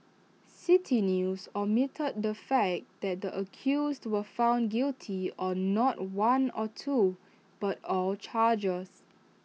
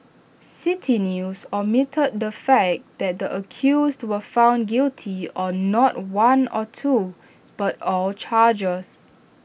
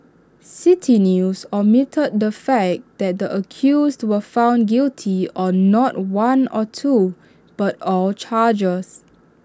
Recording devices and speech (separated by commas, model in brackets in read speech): mobile phone (iPhone 6), boundary microphone (BM630), standing microphone (AKG C214), read sentence